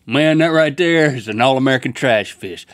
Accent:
Southern accent